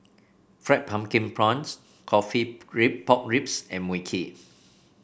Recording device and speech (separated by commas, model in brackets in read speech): boundary microphone (BM630), read sentence